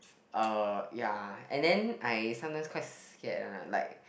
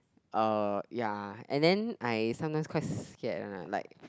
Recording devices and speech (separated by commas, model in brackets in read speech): boundary microphone, close-talking microphone, conversation in the same room